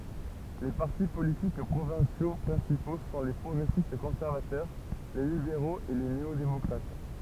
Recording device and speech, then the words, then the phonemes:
temple vibration pickup, read sentence
Les partis politiques provinciaux principaux sont les progressistes-conservateurs, les libéraux, et les néo-démocrates.
le paʁti politik pʁovɛ̃sjo pʁɛ̃sipo sɔ̃ le pʁɔɡʁɛsistkɔ̃sɛʁvatœʁ le libeʁoz e le neodemɔkʁat

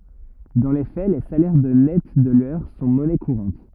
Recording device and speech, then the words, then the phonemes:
rigid in-ear microphone, read sentence
Dans les faits, les salaires de nets de l'heure sont monnaie courante.
dɑ̃ le fɛ le salɛʁ də nɛt də lœʁ sɔ̃ mɔnɛ kuʁɑ̃t

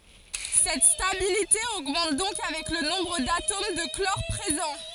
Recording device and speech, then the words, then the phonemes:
forehead accelerometer, read sentence
Cette stabilité augmente donc avec le nombre d'atomes de chlore présents.
sɛt stabilite oɡmɑ̃t dɔ̃k avɛk lə nɔ̃bʁ datom də klɔʁ pʁezɑ̃

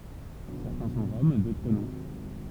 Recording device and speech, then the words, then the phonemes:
temple vibration pickup, read sentence
Certains sont Roms, d'autres non.
sɛʁtɛ̃ sɔ̃ ʁɔm dotʁ nɔ̃

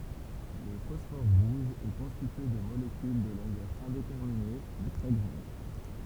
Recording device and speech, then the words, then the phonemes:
temple vibration pickup, read sentence
Le phosphore rouge est constitué de molécules de longueur indéterminée, mais très grande.
lə fɔsfɔʁ ʁuʒ ɛ kɔ̃stitye də molekyl də lɔ̃ɡœʁ ɛ̃detɛʁmine mɛ tʁɛ ɡʁɑ̃d

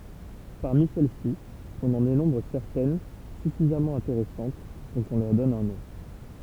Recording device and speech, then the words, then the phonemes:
temple vibration pickup, read sentence
Parmi celles-ci, on en dénombre certaines suffisamment intéressantes pour qu'on leur donne un nom.
paʁmi sɛl si ɔ̃n ɑ̃ denɔ̃bʁ sɛʁtɛn syfizamɑ̃ ɛ̃teʁɛsɑ̃t puʁ kɔ̃ lœʁ dɔn œ̃ nɔ̃

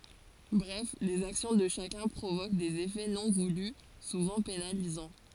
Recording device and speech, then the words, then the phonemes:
forehead accelerometer, read sentence
Bref, les actions de chacun provoquent des effets non voulus, souvent pénalisants.
bʁɛf lez aksjɔ̃ də ʃakœ̃ pʁovok dez efɛ nɔ̃ vuly suvɑ̃ penalizɑ̃

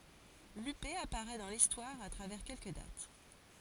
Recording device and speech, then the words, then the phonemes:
forehead accelerometer, read sentence
Lupé apparaît dans l’histoire à travers quelques dates.
lype apaʁɛ dɑ̃ listwaʁ a tʁavɛʁ kɛlkə dat

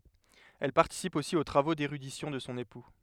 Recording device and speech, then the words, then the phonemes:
headset microphone, read sentence
Elle participe aussi aux travaux d'érudition de son époux.
ɛl paʁtisip osi o tʁavo deʁydisjɔ̃ də sɔ̃ epu

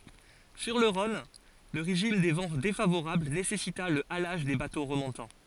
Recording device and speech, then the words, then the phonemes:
forehead accelerometer, read sentence
Sur le Rhône, le régime des vents défavorable nécessita le halage des bateaux remontant.
syʁ lə ʁɔ̃n lə ʁeʒim de vɑ̃ defavoʁabl nesɛsita lə alaʒ de bato ʁəmɔ̃tɑ̃

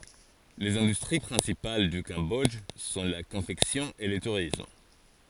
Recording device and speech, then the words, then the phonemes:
forehead accelerometer, read sentence
Les industries principales du Cambodge sont la confection et le tourisme.
lez ɛ̃dystʁi pʁɛ̃sipal dy kɑ̃bɔdʒ sɔ̃ la kɔ̃fɛksjɔ̃ e lə tuʁism

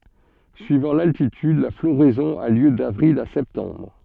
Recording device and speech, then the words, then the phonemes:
soft in-ear microphone, read sentence
Suivant l'altitude, la floraison a lieu d'avril à septembre.
syivɑ̃ laltityd la floʁɛzɔ̃ a ljø davʁil a sɛptɑ̃bʁ

